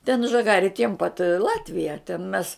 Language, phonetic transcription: Lithuanian, ten žaˈgari tiem pat i ˈlatvija ten mes

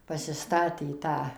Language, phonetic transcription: Lithuanian, pasiˈstatė ˈtą

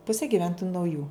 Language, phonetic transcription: Lithuanian, ˈpusė giˈventoju nauˈjų

